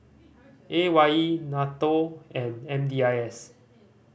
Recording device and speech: boundary microphone (BM630), read sentence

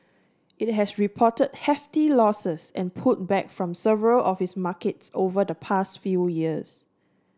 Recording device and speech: standing microphone (AKG C214), read sentence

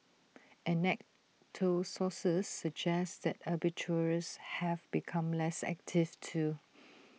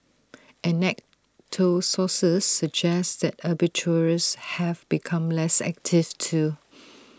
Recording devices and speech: mobile phone (iPhone 6), standing microphone (AKG C214), read sentence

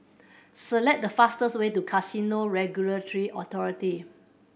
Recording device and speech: boundary microphone (BM630), read sentence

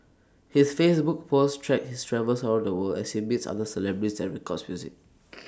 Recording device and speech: standing microphone (AKG C214), read sentence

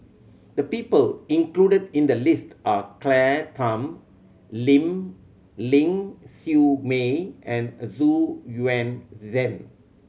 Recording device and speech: mobile phone (Samsung C7100), read sentence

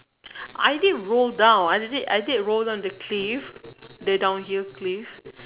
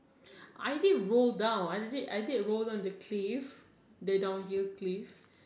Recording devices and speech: telephone, standing microphone, conversation in separate rooms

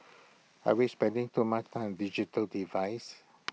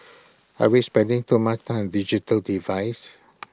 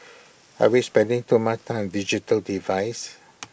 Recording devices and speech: mobile phone (iPhone 6), close-talking microphone (WH20), boundary microphone (BM630), read sentence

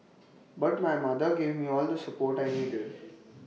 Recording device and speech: mobile phone (iPhone 6), read sentence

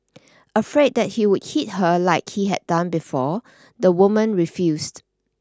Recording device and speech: standing microphone (AKG C214), read sentence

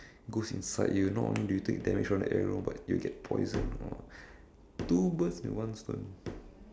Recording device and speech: standing microphone, conversation in separate rooms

